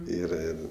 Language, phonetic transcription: Lithuanian, ˈyra ˈir

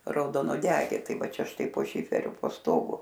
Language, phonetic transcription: Lithuanian, raudonuoˈdegė ˈtai ˈva ˈčia ˈštai po ˈšiferiu po ˈstogu

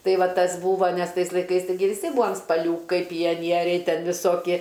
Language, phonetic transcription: Lithuanian, ˈtai ˈva ˈtas ˈbūvo nes ˈtais laiˈkais taiˈgi viˈsi ˈbūam spaˈliūkai pijaˈnieriai ˈten viˈsokie

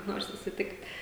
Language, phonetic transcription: Lithuanian, ˈnor susiˈtikt'

